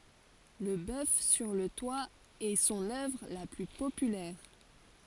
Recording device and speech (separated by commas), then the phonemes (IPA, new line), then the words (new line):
forehead accelerometer, read sentence
lə bœf syʁ lə twa ɛ sɔ̃n œvʁ la ply popylɛʁ
Le bœuf sur le toit est son œuvre la plus populaire.